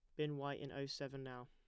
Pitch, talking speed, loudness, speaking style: 140 Hz, 280 wpm, -46 LUFS, plain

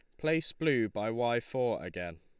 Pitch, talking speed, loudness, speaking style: 120 Hz, 180 wpm, -32 LUFS, Lombard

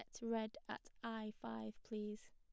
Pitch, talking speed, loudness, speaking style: 215 Hz, 170 wpm, -48 LUFS, plain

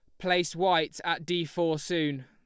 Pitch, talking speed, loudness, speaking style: 170 Hz, 175 wpm, -28 LUFS, Lombard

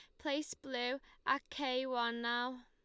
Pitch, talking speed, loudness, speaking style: 260 Hz, 150 wpm, -38 LUFS, Lombard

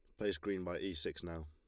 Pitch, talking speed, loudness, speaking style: 85 Hz, 280 wpm, -41 LUFS, Lombard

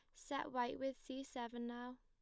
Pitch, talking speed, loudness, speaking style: 255 Hz, 200 wpm, -46 LUFS, plain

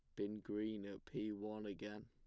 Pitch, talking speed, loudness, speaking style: 105 Hz, 195 wpm, -47 LUFS, plain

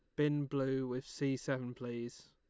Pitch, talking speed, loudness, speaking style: 135 Hz, 170 wpm, -38 LUFS, Lombard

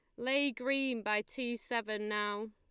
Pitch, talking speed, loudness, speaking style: 235 Hz, 155 wpm, -34 LUFS, Lombard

